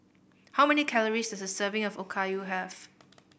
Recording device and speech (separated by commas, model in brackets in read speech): boundary microphone (BM630), read sentence